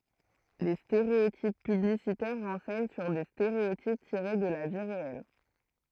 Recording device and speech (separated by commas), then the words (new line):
throat microphone, read sentence
Les stéréotypes publicitaires renseignent sur des stéréotypes tirés de la vie réelle.